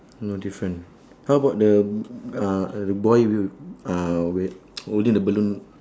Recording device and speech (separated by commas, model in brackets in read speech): standing microphone, conversation in separate rooms